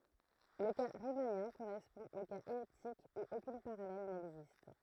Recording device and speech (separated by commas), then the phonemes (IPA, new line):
throat microphone, read sentence
lə ka ʁimanjɛ̃ koʁɛspɔ̃ o kaz ɛliptik u okyn paʁalɛl nɛɡzist